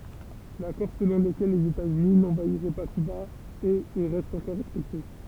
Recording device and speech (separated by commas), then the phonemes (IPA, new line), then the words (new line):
temple vibration pickup, read sentence
lakɔʁ səlɔ̃ ləkɛl lez etaz yni nɑ̃vaiʁɛ pa kyba ɛt e ʁɛst ɑ̃kɔʁ ʁɛspɛkte
L'accord selon lequel les États-Unis n'envahiraient pas Cuba est et reste encore respecté.